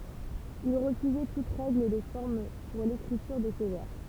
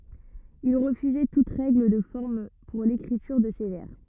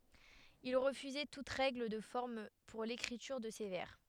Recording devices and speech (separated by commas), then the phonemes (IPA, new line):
temple vibration pickup, rigid in-ear microphone, headset microphone, read sentence
il ʁəfyzɛ tut ʁɛɡl də fɔʁm puʁ lekʁityʁ də se vɛʁ